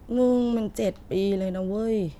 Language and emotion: Thai, frustrated